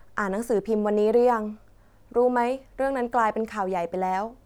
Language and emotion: Thai, neutral